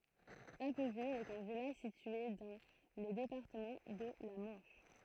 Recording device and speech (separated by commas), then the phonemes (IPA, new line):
throat microphone, read sentence
apvil ɛt œ̃ vilaʒ sitye dɑ̃ lə depaʁtəmɑ̃ də la mɑ̃ʃ